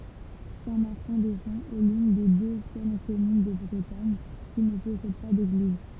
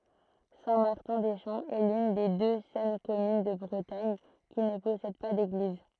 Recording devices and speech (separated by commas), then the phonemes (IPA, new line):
temple vibration pickup, throat microphone, read sentence
sɛ̃ maʁtɛ̃ de ʃɑ̃ ɛ lyn de dø sœl kɔmyn də bʁətaɲ ki nə pɔsɛd pa deɡliz